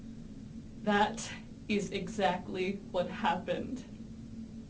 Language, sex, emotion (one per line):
English
female
sad